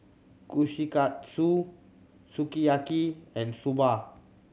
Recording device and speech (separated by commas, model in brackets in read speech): mobile phone (Samsung C7100), read sentence